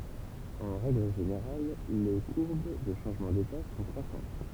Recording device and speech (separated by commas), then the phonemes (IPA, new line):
temple vibration pickup, read sentence
ɑ̃ ʁɛɡl ʒeneʁal le kuʁb də ʃɑ̃ʒmɑ̃ deta sɔ̃ kʁwasɑ̃t